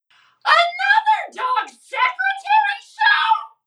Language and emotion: English, disgusted